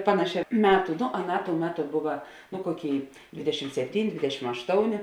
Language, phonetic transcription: Lithuanian, ˈpanaˌšē ˈmetu no aˈnā tou ˈmeˌtu ˈbuva nu ˈkoˌkėi ˈdvidešim sepˈtyni ˈdvidešim ašˈtounė

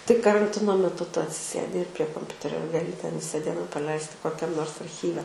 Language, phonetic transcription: Lithuanian, tai karanˈtino meˈtu ˈtu atsiˈsėdi ir prie komˈpiuterio gaˈli ten ˈvisa ˈdiena praˈleisti kokˈiam ˈnors arˈchyve

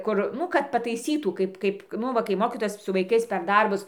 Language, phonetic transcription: Lithuanian, ˈkur ˈnu kad pataiˈsytų ˈkaip ˈkaip ˈnu va kai ˈmokytojas su vaiˈkais per ˈdarbus

